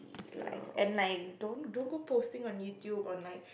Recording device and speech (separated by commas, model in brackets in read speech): boundary microphone, conversation in the same room